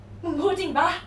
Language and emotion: Thai, happy